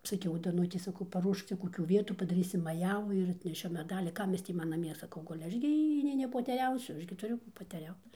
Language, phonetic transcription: Lithuanian, saˈkiau daˈnutei saˈkau paˈruošk ˈcia koˈkių ˈvietų padaˈrysim maˈjavų ir atneˈšiu meˈdalį ˈkam ˈjis tį ˈman naˈmie saˈkau ˈguli ˈaš gi ˈjį nei nepoteˈriausiu ˈaš gi tuˈriu kų poteˈriaut

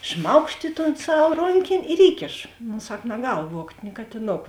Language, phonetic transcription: Lithuanian, ˈšmaukšt i ton ˈsav ˈronkėn' ir ˈįkėšo no ˈsak naˈgal ˈvuogt' ni katiˈnok

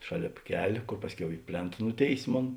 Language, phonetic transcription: Lithuanian, ˈšaˌlėp ˈkel' ˈkor ˈpasˌkiau i ˈplėnt ˈnuˌtėis' ˈmon

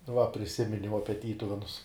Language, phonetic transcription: Lithuanian, va priˈsiminiau ˈapie ˈtytuvenus

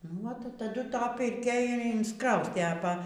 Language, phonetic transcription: Lithuanian, nuo taˈdu ˈta pirˈkia ir insˈkraustė a ˈpa

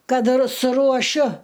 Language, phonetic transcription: Lithuanian, ˈkad ir suruoˈšiu

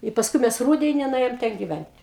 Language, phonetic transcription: Lithuanian, i pasˈkui ˈmes ˈrūdeni nuˈėjom ten giˈvent'

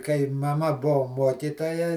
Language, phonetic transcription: Lithuanian, kai maˈma ˈbuo ˈmuokytoja

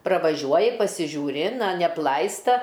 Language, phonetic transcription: Lithuanian, pravaˈžiuoji pasižiūˈri ˈna neapˈlaista

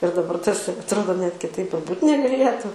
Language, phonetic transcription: Lithuanian, ir daˈbar ˈtas atˈrodo net kiˈtaip ir ˈbūt' negaˈlėtu

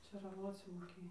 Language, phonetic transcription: Lithuanian, čėraˈvoc moˈkėj

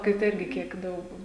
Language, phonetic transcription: Lithuanian, kai ˈtai ˈirgi ˈkiek ˈdaug

